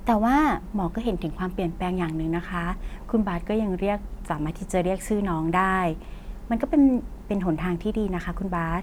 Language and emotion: Thai, neutral